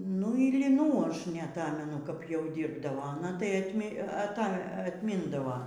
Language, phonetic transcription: Lithuanian, nu ir liˈnų ˈaš neaˈtamenu kap jau ˈdyrbdavo aˈna tai atˈmi aˈta atˈmindava

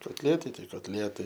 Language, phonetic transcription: Lithuanian, kotˈlietai ˈtai kotˈlietai

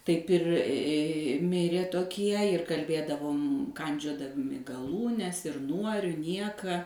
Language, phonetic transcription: Lithuanian, ˈtaip ir ˈmirė toˈkie ir kalˈbėdavom ˈkandžiodami gaˈlūnes ir ˈnuo ir ˈnieka

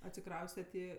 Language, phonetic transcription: Lithuanian, atsiˈkraustet i

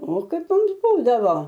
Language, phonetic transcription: Lithuanian, o ˈkaip ˈmums ˈbūdavo

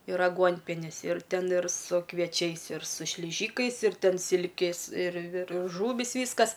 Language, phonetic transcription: Lithuanian, ir aˈguonpienis ir ˈten ir su kvieˈčiais ir su šliˈžykais ir ˈten ˈsilkės ir ir ˈžūvys ˈvyskas

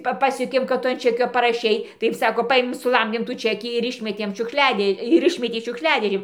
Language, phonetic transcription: Lithuanian, ˈpa ˈpasjuokėm kad ˈtu an ˈčekio paraˈšei ˈtaip ˈsako ˈpaėmėm suˈlamdėm tų ˈčekį ir ˈišmetėm šiukˈšliadė ir ˈišmetė šiukšˈliadėžėn

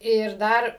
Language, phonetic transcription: Lithuanian, ir ˈdar

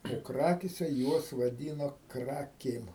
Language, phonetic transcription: Lithuanian, o ˈkrakėse ˈjuos vaˈdyno ˈkrakėm

